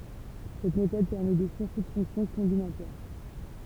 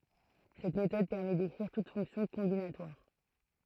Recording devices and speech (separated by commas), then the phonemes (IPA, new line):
temple vibration pickup, throat microphone, read sentence
sɛt metɔd pɛʁmɛ dekʁiʁ tut fɔ̃ksjɔ̃ kɔ̃binatwaʁ